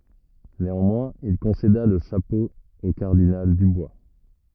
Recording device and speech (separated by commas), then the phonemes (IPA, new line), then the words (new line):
rigid in-ear microphone, read sentence
neɑ̃mwɛ̃z il kɔ̃seda lə ʃapo o kaʁdinal dybwa
Néanmoins, il concéda le chapeau au cardinal Dubois.